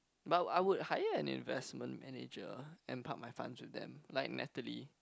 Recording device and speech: close-talking microphone, conversation in the same room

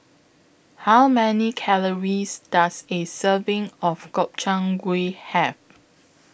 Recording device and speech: boundary microphone (BM630), read sentence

